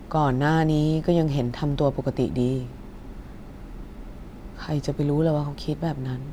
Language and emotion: Thai, sad